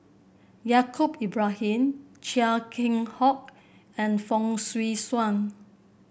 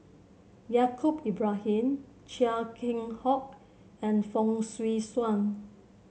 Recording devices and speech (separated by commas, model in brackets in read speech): boundary microphone (BM630), mobile phone (Samsung C7), read sentence